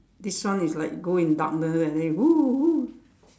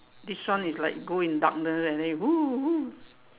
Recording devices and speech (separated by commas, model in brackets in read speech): standing microphone, telephone, conversation in separate rooms